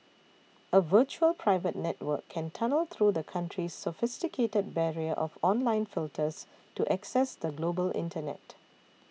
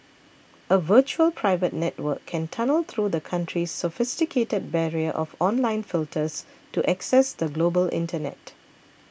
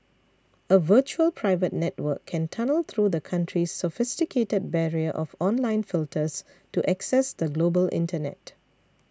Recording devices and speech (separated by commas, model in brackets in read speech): mobile phone (iPhone 6), boundary microphone (BM630), standing microphone (AKG C214), read sentence